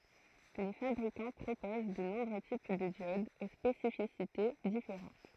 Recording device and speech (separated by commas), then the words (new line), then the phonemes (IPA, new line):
throat microphone, read sentence
Les fabricants proposent de nombreux types de diodes aux spécificités différentes.
le fabʁikɑ̃ pʁopoz də nɔ̃bʁø tip də djodz o spesifisite difeʁɑ̃t